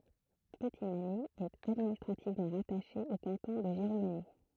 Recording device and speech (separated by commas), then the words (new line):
throat microphone, read sentence
Petitmagny est administrativement rattachée au canton de Giromagny.